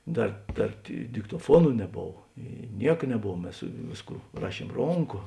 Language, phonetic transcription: Lithuanian, ˈdar ˈdar di diktoˈfuonu neˈbov ˈy ˈniek neˈbov ˈmes ˈvėsˌkų ˈraˌšiem ˈronˌko

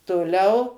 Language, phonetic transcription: Lithuanian, toˈliau

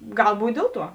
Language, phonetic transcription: Lithuanian, ˈgal ˈbūt' ˈdėl ˌtuo

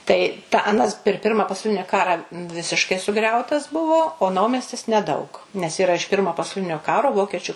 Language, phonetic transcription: Lithuanian, tai tą aˈnas per ˈpirma pasauˈlini ˈkara ˈvisiškai suˈgriautas ˈbuvo o ˈnaumestis neˈdaug nes yˈra iš ˈpirmo pasauˈlinio ˈkaro ˈvokečiu

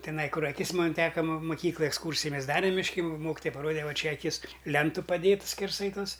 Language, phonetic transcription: Lithuanian, tiˈnai ˈkur aˈkis ˈmon ˈteka muˈkyklaj eksˈkūrsiji ˈmes ˈdarem mišˈki ˈmokitoja paˈrode ˈva ˈčia aˈkis ˈlentu paˈdėtu skerˈsai ˈtos

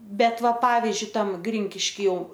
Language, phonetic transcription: Lithuanian, ˈbet ˈva ˈpavizdžiui ˈtam ˈgrinkiški ˈjau

